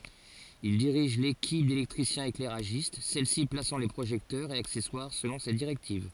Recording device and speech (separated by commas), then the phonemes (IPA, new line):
forehead accelerometer, read sentence
il diʁiʒ lekip delɛktʁisjɛ̃seklɛʁaʒist sɛlsi plasɑ̃ le pʁoʒɛktœʁz e aksɛswaʁ səlɔ̃ se diʁɛktiv